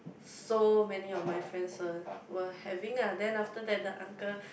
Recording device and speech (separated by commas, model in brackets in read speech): boundary microphone, conversation in the same room